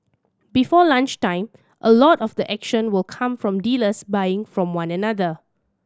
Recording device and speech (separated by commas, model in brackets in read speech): standing microphone (AKG C214), read sentence